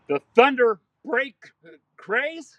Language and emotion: English, fearful